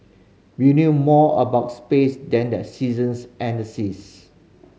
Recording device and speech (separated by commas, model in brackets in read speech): mobile phone (Samsung C5010), read sentence